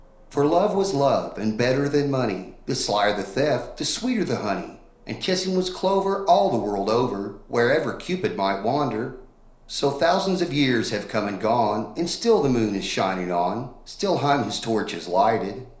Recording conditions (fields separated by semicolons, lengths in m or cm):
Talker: one person; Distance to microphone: 1.0 m; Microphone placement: close; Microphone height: 1.1 m; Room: small (3.7 m by 2.7 m); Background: none